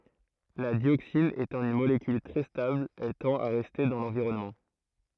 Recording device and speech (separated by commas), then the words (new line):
throat microphone, read sentence
La dioxine étant une molécule très stable, elle tend à rester dans l'environnement.